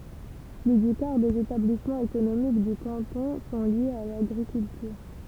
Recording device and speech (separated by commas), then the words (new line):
temple vibration pickup, read sentence
Plus du quart des établissements économiques du canton sont liés à l'agriculture.